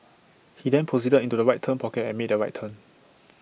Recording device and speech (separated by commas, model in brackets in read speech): boundary microphone (BM630), read sentence